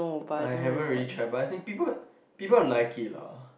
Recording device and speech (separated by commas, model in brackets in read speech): boundary microphone, conversation in the same room